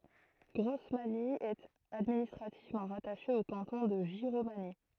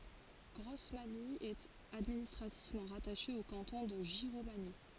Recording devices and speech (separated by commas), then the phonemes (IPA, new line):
throat microphone, forehead accelerometer, read sentence
ɡʁɔsmaɲi ɛt administʁativmɑ̃ ʁataʃe o kɑ̃tɔ̃ də ʒiʁomaɲi